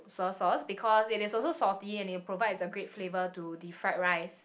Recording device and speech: boundary microphone, conversation in the same room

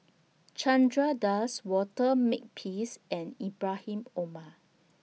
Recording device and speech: mobile phone (iPhone 6), read sentence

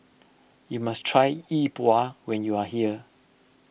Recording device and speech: boundary microphone (BM630), read sentence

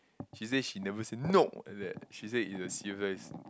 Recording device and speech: close-talking microphone, conversation in the same room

